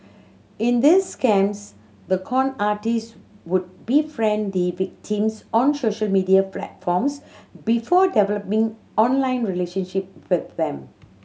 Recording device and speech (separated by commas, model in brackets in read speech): mobile phone (Samsung C7100), read sentence